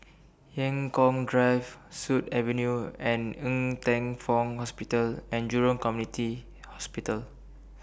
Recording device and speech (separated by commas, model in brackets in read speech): boundary microphone (BM630), read sentence